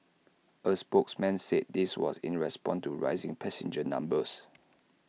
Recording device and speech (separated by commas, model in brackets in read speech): mobile phone (iPhone 6), read sentence